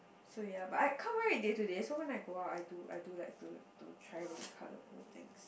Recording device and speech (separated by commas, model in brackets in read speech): boundary microphone, conversation in the same room